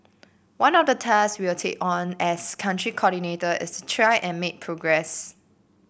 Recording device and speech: boundary microphone (BM630), read sentence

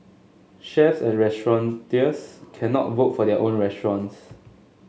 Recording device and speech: mobile phone (Samsung S8), read sentence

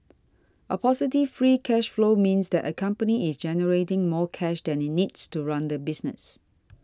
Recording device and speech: standing microphone (AKG C214), read sentence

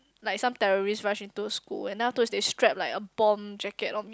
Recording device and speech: close-talking microphone, conversation in the same room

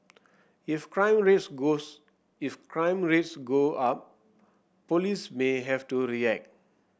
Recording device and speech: boundary microphone (BM630), read sentence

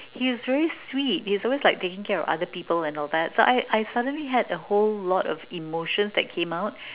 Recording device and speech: telephone, conversation in separate rooms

